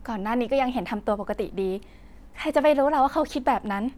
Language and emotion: Thai, happy